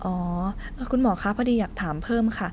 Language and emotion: Thai, neutral